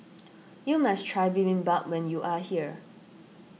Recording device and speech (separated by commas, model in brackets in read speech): mobile phone (iPhone 6), read sentence